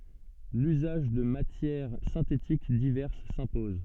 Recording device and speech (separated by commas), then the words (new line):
soft in-ear microphone, read sentence
L'usage de matières synthétiques diverses s'impose.